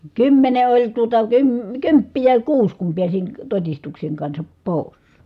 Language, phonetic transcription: Finnish, kymmene oĺ tuota , kym- , kymppijä (oĺ) kuus kum piäsin , totistukseŋ kansap pòi̮s .
- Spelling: kymmenen oli tuota - kymppejä oli kuusi kun pääsin todistuksen kanssa pois

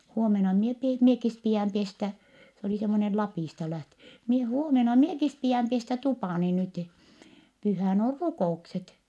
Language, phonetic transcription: Finnish, huomena mie pie , miekis pi₍ä̀m pestä » , s ‿olì semmonel Lapìsta lähtö- , » mie - huomena miekis pi₍ä̀m pestä tupàni nyti , pyhä̀n ‿or rukò₍ukset » .
- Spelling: huomenna minä pidän minäkin pidän pestä se oli semmoinen Lapista - minä huomenna minäkin pidän pestä tupani nyt pyhänä on rukoukset

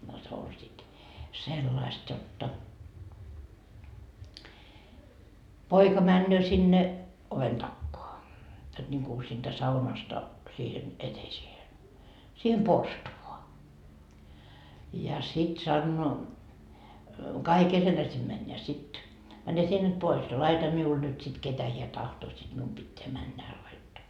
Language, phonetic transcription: Finnish, no se oĺ sit , 'sellaist jotta , "poika 'männöö sinne , oven 'takkoa , jot ńiŋku siintä 'saunasta , siihen , 'eteisiehe , 'siihem "porstuvoa , ja sit 'sannoo , 'kaikil ketä sim mäń ja sit , » 'mäne 'sie nyt "pois ja 'laita 'miul nyt sit 'ketä hiä 'tahtoo siD 'mium Bitteä männä hää 'laittoo » .
- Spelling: no se oli sitten sellaista jotta poika menee sinne oven takaa jotta niin kuin siitä saunasta siihen eteiseen siihen porstuaan ja sitten sanoo kaikille ketä sinne meni ja sitten mene sinä nyt pois ja laita minulle nyt sitten ketä hän tahtoo sitten minun pitää mennä hän laittaa

